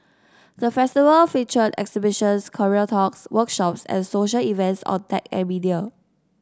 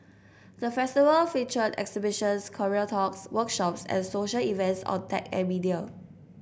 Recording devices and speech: standing microphone (AKG C214), boundary microphone (BM630), read sentence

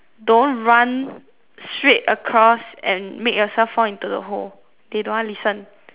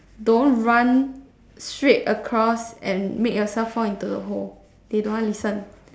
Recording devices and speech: telephone, standing microphone, conversation in separate rooms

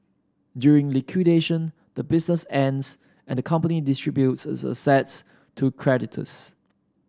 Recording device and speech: standing microphone (AKG C214), read sentence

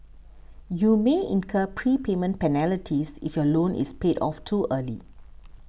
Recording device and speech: boundary microphone (BM630), read sentence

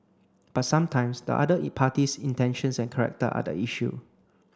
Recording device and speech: close-talking microphone (WH30), read sentence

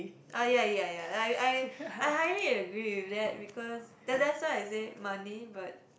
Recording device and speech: boundary microphone, conversation in the same room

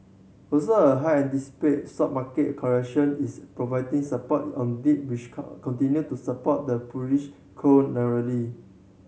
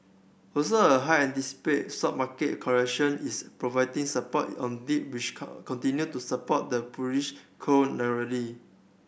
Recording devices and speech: mobile phone (Samsung C7100), boundary microphone (BM630), read sentence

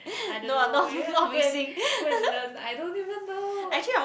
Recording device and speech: boundary microphone, conversation in the same room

